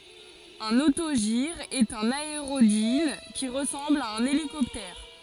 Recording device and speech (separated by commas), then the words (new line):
forehead accelerometer, read sentence
Un autogire est un aérodyne qui ressemble à un hélicoptère.